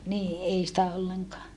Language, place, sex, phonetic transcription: Finnish, Saarijärvi, female, nii ʼei sⁱtä olleŋkaa .
- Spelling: niin ei sitä ollenkaan

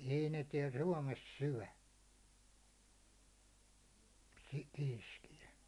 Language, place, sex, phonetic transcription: Finnish, Hollola, male, ei ne tiɛl "suåmes "syä̭ , kɪ- 'kiiskijä .
- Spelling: ei ne täällä Suomessa syö - kiiskiä

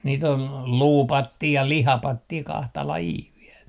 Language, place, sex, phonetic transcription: Finnish, Artjärvi, male, niit ‿on "luupattii ja "lihapattii 'kahta 'lajii viel .
- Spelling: niitä on luupattia ja lihapattia kahta lajia vielä

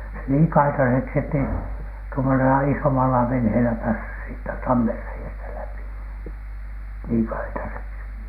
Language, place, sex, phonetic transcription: Finnish, Alatornio, male, se niin "kaitaseksi ettei tuomosela isomala venheelä päässys siittä 'tammerrei₍ästä läpi , niiŋ "kaitaseksi .
- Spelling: se niin kaitaiseksi että ei tuommoisella isommalla veneellä päässyt siitä tammenreiästä läpi niin kaitaiseksi

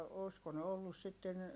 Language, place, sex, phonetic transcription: Finnish, Heinola, female, òsko ne ollus sitten , .
- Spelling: olisiko ne ollut sitten

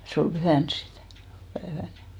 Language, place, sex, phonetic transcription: Finnish, Hinnerjoki, female, se ol 'ʙyhä̀ns sit , pääväl .
- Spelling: se oli pyhänä sitten päivällä

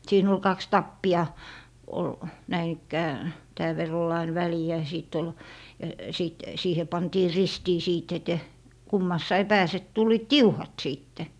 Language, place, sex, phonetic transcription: Finnish, Lappee, female, 'siin ‿ol 'kaks "tappi₍a , ol , 'näin ‿ikkää , 'tääv verr ‿ol ain "väliä ja 'sìt ‿ol , ja , 'sìt , 'siihe 'pantii "ristii siit ete- , 'kummassai 'pääse 'tul̀iit "tiuhat 'sìtte .
- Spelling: siinä oli kaksi tappia oli näin ikään tämän verran oli aina väliä ja sitten oli ja sitten siihen pantiin ristiin sitten - kummassakin päässä tulivat tiuhat sitten

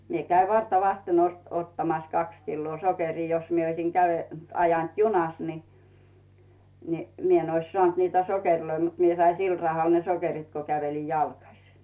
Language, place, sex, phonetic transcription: Finnish, Rautu, female, 'mie käiv "varta'vasten 'ost- 'ottamas 'kaks killoo "sokerii 'jos mie oisiŋ Gäve- ajant "junas ni , ni , 'mie ‿n ois 'sᵒànt niitä "sokerloi , mut 'mie sai 'sil rahal ne 'sokerit ko käveli "jalkasɪ .
- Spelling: minä kävin vartavasten - ottamassa kaksi kiloa sokeria jos minä olisin - ajanut junassa niin niin minä en olisi saanut niitä sokereita mutta minä sain sillä rahalla ne sokerit kun käveli jalkaisin

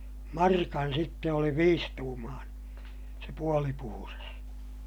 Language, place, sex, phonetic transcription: Finnish, Ilmajoki, male, markan sitte oli viistuumaaneè , se puoli puhuras .
- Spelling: markan sitten oli viisituumainen se puoli puhdas

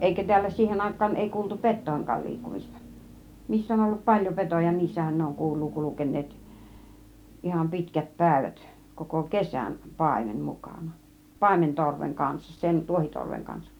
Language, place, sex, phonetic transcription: Finnish, Kiihtelysvaara, female, 'èikä tiällä "siihen 'àik̆kaan èi 'kuultu "pet̆tòiŋk̆kaal 'liikkumista , 'missä (on ollu) "paĺjom 'petoja "niissähän ne oŋ 'kul̆luu 'kulken̆neet , 'iham "pitkät 'pä̀ivät , 'koko "kesän , "pàimen "mukàna , 'pàimen 'torveŋ kanssa , sen 'tuohitorveŋ 'kansak .
- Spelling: eikä täällä siihen aikaan ei kuultu petojenkaan liikkumista missä on ollut paljon petoja niissähän ne on kuuluu kulkeneet ihan pitkät päivät koko kesän paimen mukana paimen torven kanssa sen tuohitorven kanssa

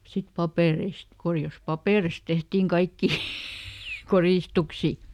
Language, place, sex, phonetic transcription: Finnish, Lieto, female, sit ˈpapèreist , ˈkorjas "papèrist ˈtehtiŋ ˈkaikkì , "korìstuksi .
- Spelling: sitten papereista koreasta paperista tehtiin kaikkia koristuksia

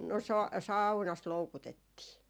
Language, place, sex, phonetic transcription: Finnish, Jaala, female, no sa- , "sau̬nas 'loukutettii .
- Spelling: no - saunassa loukutettiin

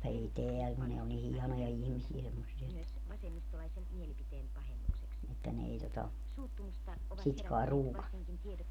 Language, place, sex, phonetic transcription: Finnish, Padasjoki, female, 'ei "teäl ku ne o ni 'hianoja 'ihmisiä semmossia että , että ne 'ei tota , 'sit kae "ruukannu .
- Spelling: ei täällä kun ne on niin hienoja ihmisiä semmoisia että että ne ei tuota sitä kai ruukannut

